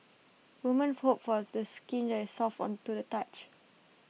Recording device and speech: mobile phone (iPhone 6), read sentence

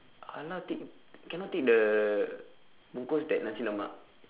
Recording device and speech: telephone, conversation in separate rooms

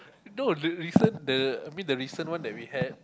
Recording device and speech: close-talking microphone, conversation in the same room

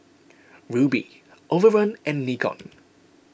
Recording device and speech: boundary microphone (BM630), read sentence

